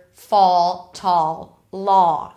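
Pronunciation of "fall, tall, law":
'Fall', 'tall' and 'law' are said with the East Coast pronunciation.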